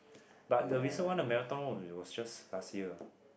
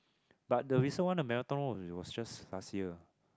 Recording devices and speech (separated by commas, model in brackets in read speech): boundary microphone, close-talking microphone, conversation in the same room